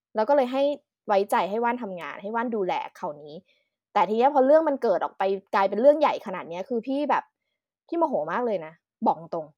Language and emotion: Thai, frustrated